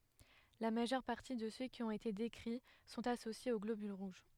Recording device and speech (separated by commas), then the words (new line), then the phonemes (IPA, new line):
headset microphone, read sentence
La majeure partie de ceux qui ont été décrits sont associés aux globules rouges.
la maʒœʁ paʁti də sø ki ɔ̃t ete dekʁi sɔ̃t asosjez o ɡlobyl ʁuʒ